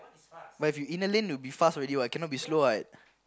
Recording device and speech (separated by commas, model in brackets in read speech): close-talking microphone, conversation in the same room